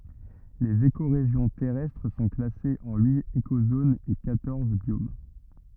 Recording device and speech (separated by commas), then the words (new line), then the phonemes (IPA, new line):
rigid in-ear microphone, read sentence
Les écorégions terrestres sont classées en huit écozones et quatorze biomes.
lez ekoʁeʒjɔ̃ tɛʁɛstʁ sɔ̃ klasez ɑ̃ yit ekozonz e kwatɔʁz bjom